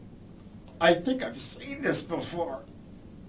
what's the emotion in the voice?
disgusted